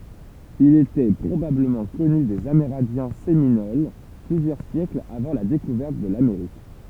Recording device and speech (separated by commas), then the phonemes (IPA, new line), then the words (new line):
temple vibration pickup, read sentence
il etɛ pʁobabləmɑ̃ kɔny dez ameʁɛ̃djɛ̃ seminol plyzjœʁ sjɛklz avɑ̃ la dekuvɛʁt də lameʁik
Il était probablement connu des Amérindiens Séminoles plusieurs siècles avant la découverte de l'Amérique.